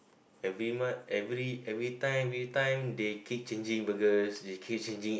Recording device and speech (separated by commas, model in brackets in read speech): boundary microphone, conversation in the same room